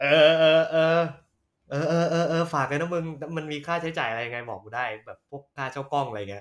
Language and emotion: Thai, happy